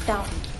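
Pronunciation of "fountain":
'Fountain' is said the fast-speech way, with a glottal stop where the t is, not a true t.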